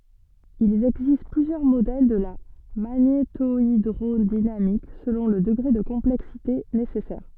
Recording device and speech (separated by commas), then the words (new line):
soft in-ear microphone, read sentence
Il existe plusieurs modèles de la magnétohydrodynamique selon le degré de complexité nécessaire.